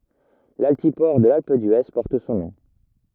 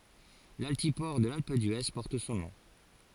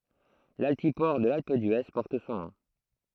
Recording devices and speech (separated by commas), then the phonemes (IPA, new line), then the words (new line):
rigid in-ear microphone, forehead accelerometer, throat microphone, read sentence
laltipɔʁ də lalp dye pɔʁt sɔ̃ nɔ̃
L'altiport de l'Alpe d'Huez porte son nom.